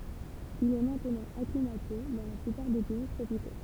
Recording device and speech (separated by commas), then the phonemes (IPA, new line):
temple vibration pickup, read sentence
il ɛ mɛ̃tnɑ̃ aklimate dɑ̃ la plypaʁ de pɛi tʁopiko